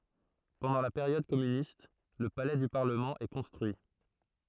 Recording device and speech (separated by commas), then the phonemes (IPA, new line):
throat microphone, read sentence
pɑ̃dɑ̃ la peʁjɔd kɔmynist lə palɛ dy paʁləmɑ̃ ɛ kɔ̃stʁyi